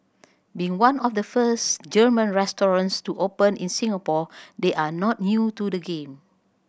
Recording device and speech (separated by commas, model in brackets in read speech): boundary microphone (BM630), read sentence